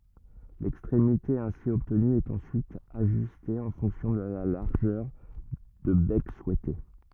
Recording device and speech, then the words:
rigid in-ear microphone, read sentence
L'extrémité ainsi obtenue est ensuite ajustée en fonction de la largeur de bec souhaitée.

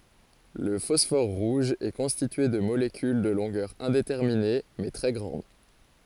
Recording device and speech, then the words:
forehead accelerometer, read sentence
Le phosphore rouge est constitué de molécules de longueur indéterminée, mais très grande.

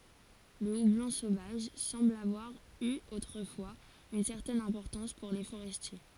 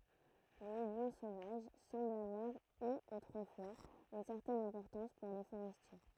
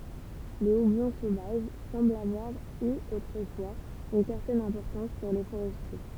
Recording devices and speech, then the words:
forehead accelerometer, throat microphone, temple vibration pickup, read sentence
Le houblon sauvage semble avoir eu autrefois une certaine importance pour les forestiers.

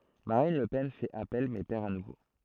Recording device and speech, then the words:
throat microphone, read sentence
Marine Le Pen fait appel mais perd à nouveau.

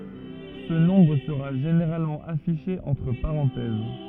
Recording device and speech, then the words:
rigid in-ear microphone, read sentence
Ce nombre sera généralement affiché entre parenthèses.

